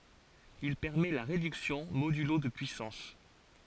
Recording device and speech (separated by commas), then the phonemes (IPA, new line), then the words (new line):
forehead accelerometer, read sentence
il pɛʁmɛ la ʁedyksjɔ̃ modylo də pyisɑ̃s
Il permet la réduction modulo de puissances.